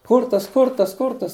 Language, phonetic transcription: Lithuanian, ˈkurtas ˈkurtas ˈkurtas

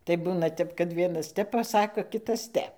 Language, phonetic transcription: Lithuanian, tai ˈbūna ˈtep kad ˈvienas ˈtep paˈsako ˈkitas ˈtep

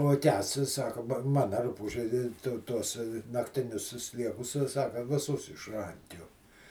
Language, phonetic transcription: Lithuanian, o ˈkęsts i ˈsaka ba ˈmana ˈrupūže ˈtu ˈtuos naktiˈnius si ˈsliekus si ˈsaka viˈsus išˈrankiuo

